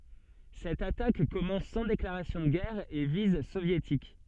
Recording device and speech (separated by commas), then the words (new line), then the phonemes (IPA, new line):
soft in-ear microphone, read sentence
Cette attaque commence sans déclaration de guerre à et vise soviétiques.
sɛt atak kɔmɑ̃s sɑ̃ deklaʁasjɔ̃ də ɡɛʁ a e viz sovjetik